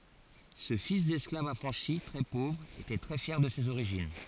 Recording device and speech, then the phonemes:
forehead accelerometer, read sentence
sə fis dɛsklav afʁɑ̃ʃi tʁɛ povʁ etɛ tʁɛ fjɛʁ də sez oʁiʒin

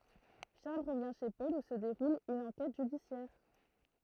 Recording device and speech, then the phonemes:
throat microphone, read sentence
ʃaʁl ʁəvjɛ̃ ʃe pɔl u sə deʁul yn ɑ̃kɛt ʒydisjɛʁ

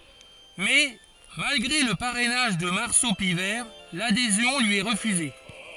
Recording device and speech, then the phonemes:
forehead accelerometer, read sentence
mɛ malɡʁe lə paʁɛnaʒ də maʁso pivɛʁ ladezjɔ̃ lyi ɛ ʁəfyze

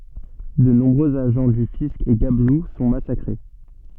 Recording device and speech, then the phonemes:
soft in-ear microphone, read sentence
də nɔ̃bʁøz aʒɑ̃ dy fisk e ɡablu sɔ̃ masakʁe

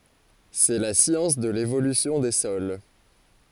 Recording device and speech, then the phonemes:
forehead accelerometer, read sentence
sɛ la sjɑ̃s də levolysjɔ̃ de sɔl

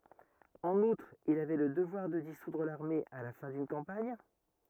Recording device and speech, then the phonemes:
rigid in-ear microphone, read sentence
ɑ̃n utʁ il avɛ lə dəvwaʁ də disudʁ laʁme a la fɛ̃ dyn kɑ̃paɲ

